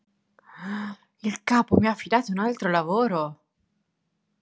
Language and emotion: Italian, surprised